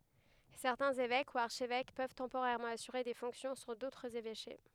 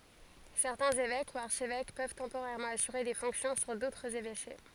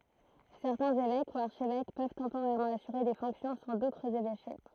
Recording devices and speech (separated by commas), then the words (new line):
headset microphone, forehead accelerometer, throat microphone, read sentence
Certains évêques ou archevêques peuvent temporairement assurer des fonctions sur d'autres évêchés.